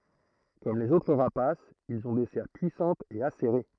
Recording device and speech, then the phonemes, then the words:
throat microphone, read sentence
kɔm lez otʁ ʁapasz ilz ɔ̃ de sɛʁ pyisɑ̃tz e aseʁe
Comme les autres rapaces, ils ont des serres puissantes et acérées.

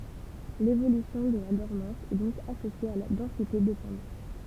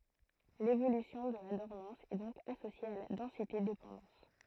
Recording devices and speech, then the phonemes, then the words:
temple vibration pickup, throat microphone, read sentence
levolysjɔ̃ də la dɔʁmɑ̃s ɛ dɔ̃k asosje a la dɑ̃sitedepɑ̃dɑ̃s
L’évolution de la dormance est donc associée à la densité-dépendance.

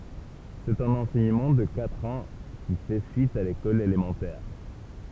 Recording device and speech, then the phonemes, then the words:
temple vibration pickup, read sentence
sɛt œ̃n ɑ̃sɛɲəmɑ̃ də katʁ ɑ̃ ki fɛ syit a lekɔl elemɑ̃tɛʁ
C’est un enseignement de quatre ans, qui fait suite à l’école élémentaire.

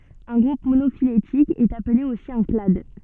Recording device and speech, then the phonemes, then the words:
soft in-ear microphone, read sentence
œ̃ ɡʁup monofiletik ɛt aple osi œ̃ klad
Un groupe monophylétique est appelé aussi un clade.

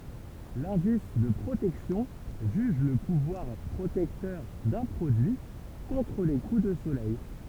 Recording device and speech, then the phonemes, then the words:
temple vibration pickup, read sentence
lɛ̃dis də pʁotɛksjɔ̃ ʒyʒ lə puvwaʁ pʁotɛktœʁ dœ̃ pʁodyi kɔ̃tʁ le ku də solɛj
L'indice de protection juge le pouvoir protecteur d'un produit contre les coups de soleil.

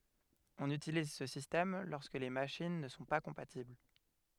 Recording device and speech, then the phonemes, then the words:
headset microphone, read sentence
ɔ̃n ytiliz sə sistɛm lɔʁskə le maʃin nə sɔ̃ pa kɔ̃patibl
On utilise ce système lorsque les machines ne sont pas compatibles.

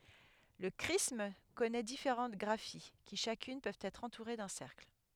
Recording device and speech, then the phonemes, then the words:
headset microphone, read sentence
lə kʁism kɔnɛ difeʁɑ̃t ɡʁafi ki ʃakyn pøvt ɛtʁ ɑ̃tuʁe dœ̃ sɛʁkl
Le chrisme connait différentes graphies qui, chacune, peuvent être entourés d’un cercle.

